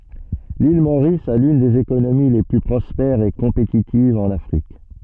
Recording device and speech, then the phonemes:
soft in-ear microphone, read sentence
lil moʁis a lyn dez ekonomi le ply pʁɔspɛʁz e kɔ̃petitivz ɑ̃n afʁik

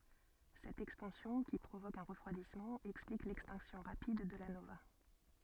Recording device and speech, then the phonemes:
soft in-ear microphone, read sentence
sɛt ɛkspɑ̃sjɔ̃ ki pʁovok œ̃ ʁəfʁwadismɑ̃ ɛksplik lɛkstɛ̃ksjɔ̃ ʁapid də la nova

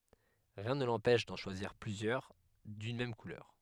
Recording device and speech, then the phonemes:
headset microphone, read sentence
ʁiɛ̃ nə lɑ̃pɛʃ dɑ̃ ʃwaziʁ plyzjœʁ dyn mɛm kulœʁ

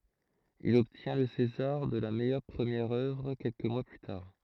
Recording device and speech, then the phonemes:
throat microphone, read sentence
il ɔbtjɛ̃ lə sezaʁ də la mɛjœʁ pʁəmjɛʁ œvʁ kɛlkə mwa ply taʁ

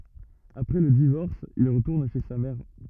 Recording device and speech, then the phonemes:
rigid in-ear microphone, read sentence
apʁɛ lə divɔʁs il ʁətuʁn ʃe sa mɛʁ

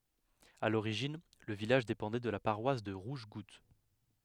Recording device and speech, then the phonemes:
headset microphone, read sentence
a loʁiʒin lə vilaʒ depɑ̃dɛ də la paʁwas də ʁuʒɡut

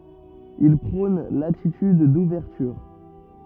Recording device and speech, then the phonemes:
rigid in-ear microphone, read sentence
il pʁɔ̃n latityd duvɛʁtyʁ

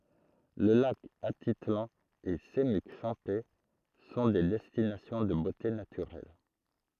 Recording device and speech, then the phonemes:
throat microphone, read sentence
lə lak atitlɑ̃ e səmyk ʃɑ̃pɛ sɔ̃ de dɛstinasjɔ̃ də bote natyʁɛl

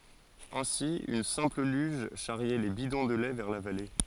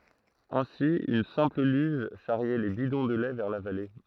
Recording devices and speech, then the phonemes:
forehead accelerometer, throat microphone, read sentence
ɛ̃si yn sɛ̃pl lyʒ ʃaʁjɛ le bidɔ̃ də lɛ vɛʁ la vale

